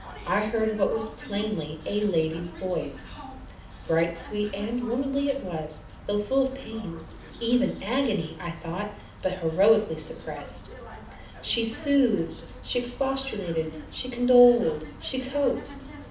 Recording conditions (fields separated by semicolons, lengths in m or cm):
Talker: one person; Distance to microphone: 2.0 m; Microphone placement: close; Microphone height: 99 cm; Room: medium-sized (5.7 m by 4.0 m); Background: television